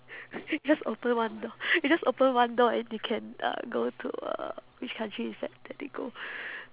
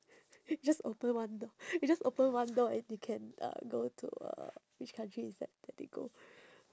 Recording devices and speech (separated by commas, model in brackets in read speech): telephone, standing microphone, conversation in separate rooms